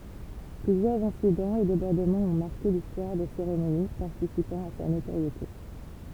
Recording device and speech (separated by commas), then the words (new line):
temple vibration pickup, read sentence
Plusieurs incidents et débordements ont marqué l'histoire des cérémonies, participant à sa notoriété.